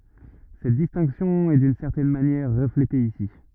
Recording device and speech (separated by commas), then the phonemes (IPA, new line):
rigid in-ear microphone, read sentence
sɛt distɛ̃ksjɔ̃ ɛ dyn sɛʁtɛn manjɛʁ ʁəflete isi